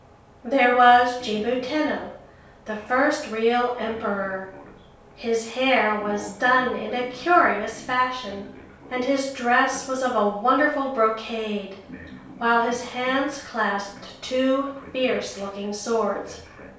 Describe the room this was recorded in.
A compact room (about 3.7 m by 2.7 m).